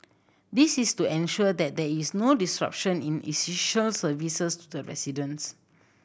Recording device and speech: boundary microphone (BM630), read sentence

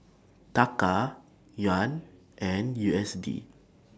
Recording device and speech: standing microphone (AKG C214), read sentence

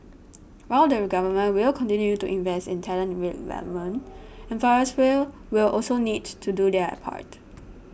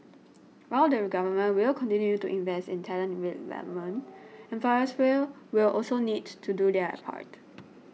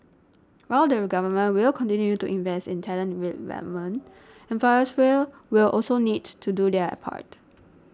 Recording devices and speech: boundary microphone (BM630), mobile phone (iPhone 6), standing microphone (AKG C214), read sentence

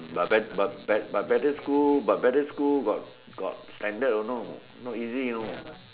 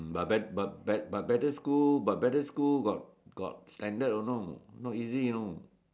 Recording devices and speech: telephone, standing microphone, conversation in separate rooms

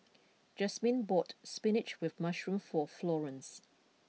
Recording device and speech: mobile phone (iPhone 6), read sentence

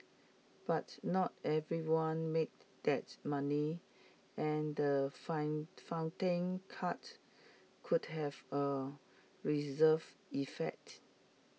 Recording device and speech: mobile phone (iPhone 6), read sentence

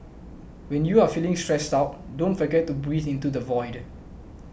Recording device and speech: boundary microphone (BM630), read sentence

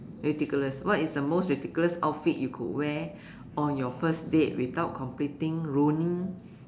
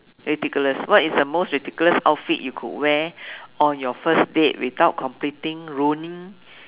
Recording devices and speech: standing microphone, telephone, conversation in separate rooms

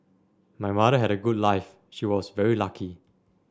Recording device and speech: standing microphone (AKG C214), read sentence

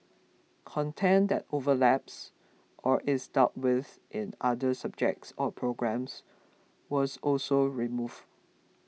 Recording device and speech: mobile phone (iPhone 6), read sentence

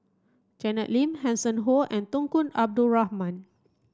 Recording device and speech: standing microphone (AKG C214), read sentence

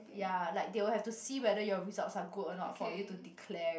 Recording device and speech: boundary microphone, conversation in the same room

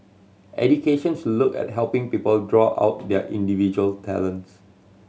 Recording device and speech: mobile phone (Samsung C7100), read sentence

